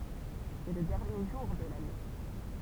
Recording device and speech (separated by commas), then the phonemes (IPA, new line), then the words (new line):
temple vibration pickup, read sentence
sɛ lə dɛʁnje ʒuʁ də lane
C'est le dernier jour de l'année.